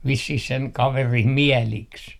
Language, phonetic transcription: Finnish, 'vissih seŋ 'kaverim "miɛliks .
- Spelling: vissiin sen kaverin mieliksi

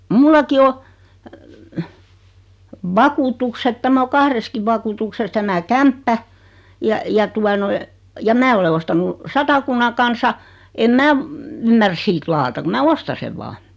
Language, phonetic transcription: Finnish, 'mullaki o , 'vakuutukset 'tämä o 'kahreskiv 'vakuutukses tämä "kämppä , ja , ja 'tua noi , ja 'mää ole 'ostanu , 'Satakunna 'Kansa , em 'mää , 'ymmär siit 'laata ku mää 'osta sev 'vaa .
- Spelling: minullakin on vakuutukset tämä on kahdessakin vakuutuksessa tämä kämppä ja ja tuota noin ja minä olen ostanut Satakunnan Kansan en minä ymmärrä siitä lakata kun minä ostan sen vain

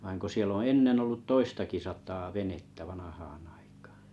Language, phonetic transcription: Finnish, vaiŋ ko 'siel ‿o̰ "ennen ‿ollut "toistakisat̀a venettä 'vanahaann ‿aikᴀᴀ .
- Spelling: vaan kun siellä on ennen ollut toistakin sataa venettä vanhaan aikaan

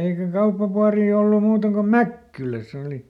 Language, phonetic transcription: Finnish, eikä ˈkauppapuarii ollum̆ ˈmuutaŋ ko "Mäkkyläˈs ‿oli .
- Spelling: eikä kauppapuotia ollut muualla kuin Mäkkylässä oli

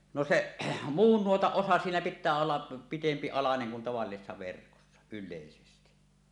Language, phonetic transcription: Finnish, no "seˀ , 'muun 'nuotaˀ 'ˀosa siinä 'pit̆tää olla , "pitempi 'alaneŋ kun tavallisessa verkossa , yllèisesti .
- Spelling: no se muun nuotan osat siinä pitää olla pitempi alanen kun tavallisessa verkossa yleisesti

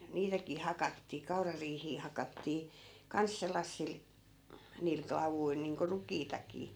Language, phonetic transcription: Finnish, 'niitäkii "hakattii 'kaurariihii 'hakattii , 'kans sellassil , niil 'klavuil niiŋko 'rukiitakii .
- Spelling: niitäkin hakattiin kaurariihiä hakattiin kanssa sellaisilla niillä klavuilla niin kuin rukiitakin

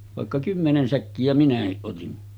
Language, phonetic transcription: Finnish, vàekka 'kymmenen 'säkkijä minähiˀ ˀotin .
- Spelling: vaikka kymmenen säkkiä minäkin otin

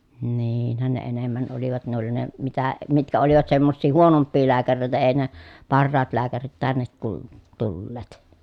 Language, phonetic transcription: Finnish, niiinhän ne enemmän olivat ne ‿oli ne , mitä , mitkä olivat semmossii huonomppii lääkäreitä ei ne , parraat lääkärit tännet tul- , tulleet .
- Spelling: niinhän ne enemmän olivat ne oli ne mitä mitkä olivat semmoisia huonompia lääkäreitä ei ne parhaat lääkärit tänne - tulleet

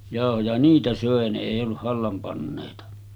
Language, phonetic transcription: Finnish, jàohoja « 'niitä sö̀e ne èi olluʰ 'hallam pannèita .
- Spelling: jauhoja niitä söi ne ei ollut hallan panneita

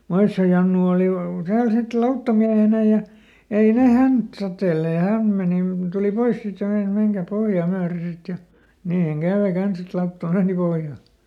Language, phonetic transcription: Finnish, "Moissi₍o Jannu ooli ˈtääl sit "lauttamiähenä ja , ˈei ˈne ˈhänt totellee ja "häm meni , ˈtuli ˈpois sit ja ˈmei(nas) » ˈmeŋkäp̆ ˈpohjà ˈmyäre ˈsit » ja , ˈniihäŋ ˈkä̀ve ˈkans ‿et ˈlautta "meeni pohja .
- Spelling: Moision Jannu oli täällä sitten lauttamiehenä ja ei ne häntä totelleet ja hän meni tuli pois sitten ja meinasi menkääpä pohjaa myöden sitten ja niinhän kävi kanssa että lautta meni pohjaan

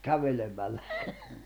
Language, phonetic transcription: Finnish, 'kävelemällä .
- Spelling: kävelemällä

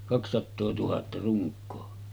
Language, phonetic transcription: Finnish, kakssattoo tuhatta ruŋk̆koo .
- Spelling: kaksisataa tuhatta runkoa

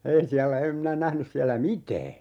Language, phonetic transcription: Finnish, "ei 'siällä 'em minä 'nähnys siällä "mitää .
- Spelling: ei siellä en minä nähnyt siellä mitään

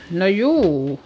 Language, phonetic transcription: Finnish, no juu .
- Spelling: no juu

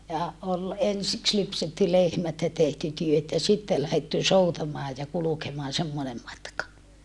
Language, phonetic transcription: Finnish, ja , ol , ensiks lypsetty lehmät ja tehty työt ja sitte lähetty soutamaa ja kulukemaan semmonem matka .
- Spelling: ja oli ensiksi lypsetty lehmät ja tehty työt ja sitten lähdetty soutamaan ja kulkemaan semmoinen matka

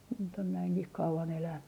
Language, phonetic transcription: Finnish, nyt ‿on näiŋkih 'kauvan elänny .
- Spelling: nyt on näinkin kauan elänyt

